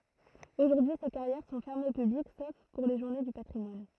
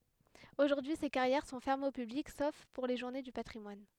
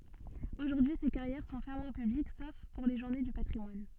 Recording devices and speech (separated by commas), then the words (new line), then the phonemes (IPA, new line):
throat microphone, headset microphone, soft in-ear microphone, read sentence
Aujourd'hui, ces carrières sont fermées au public sauf pour les journées du patrimoine.
oʒuʁdyi se kaʁjɛʁ sɔ̃ fɛʁmez o pyblik sof puʁ le ʒuʁne dy patʁimwan